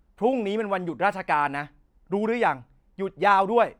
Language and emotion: Thai, angry